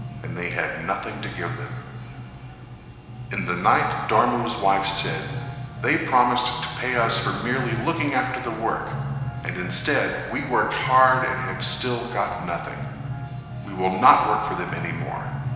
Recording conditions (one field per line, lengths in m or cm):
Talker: one person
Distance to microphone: 1.7 m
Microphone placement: close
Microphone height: 1.0 m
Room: very reverberant, large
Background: music